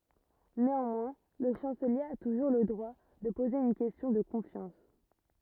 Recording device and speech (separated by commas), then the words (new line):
rigid in-ear microphone, read sentence
Néanmoins, le chancelier a toujours le droit de poser une question de confiance.